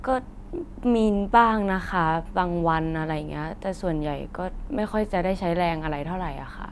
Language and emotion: Thai, neutral